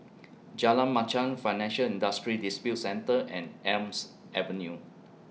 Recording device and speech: mobile phone (iPhone 6), read sentence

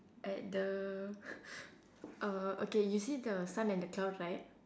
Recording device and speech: standing microphone, conversation in separate rooms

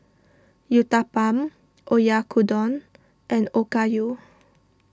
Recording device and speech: standing microphone (AKG C214), read sentence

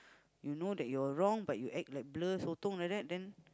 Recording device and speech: close-talking microphone, conversation in the same room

